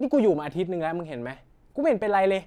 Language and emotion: Thai, frustrated